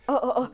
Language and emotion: Thai, frustrated